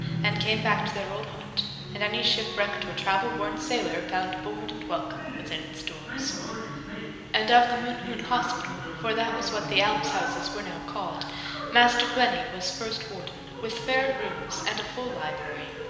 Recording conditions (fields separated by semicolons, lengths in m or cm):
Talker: one person; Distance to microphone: 1.7 m; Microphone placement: close; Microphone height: 1.0 m; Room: very reverberant, large; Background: television